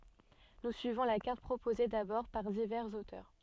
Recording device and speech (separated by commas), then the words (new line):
soft in-ear microphone, read sentence
Nous suivons la carte proposée d'abord par divers auteurs.